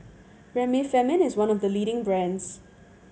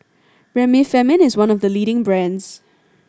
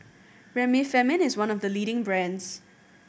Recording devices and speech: mobile phone (Samsung C7100), standing microphone (AKG C214), boundary microphone (BM630), read sentence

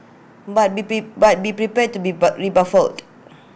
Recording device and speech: boundary microphone (BM630), read sentence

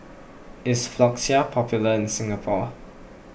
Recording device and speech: boundary microphone (BM630), read sentence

